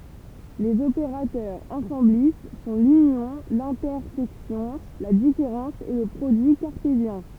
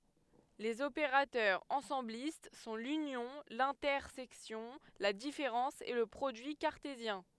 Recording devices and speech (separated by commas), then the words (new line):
temple vibration pickup, headset microphone, read sentence
Les opérateurs ensemblistes sont l'union, l'intersection, la différence et le produit cartésien.